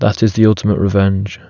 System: none